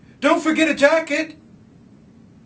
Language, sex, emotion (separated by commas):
English, male, fearful